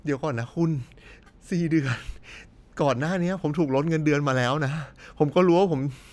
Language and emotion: Thai, sad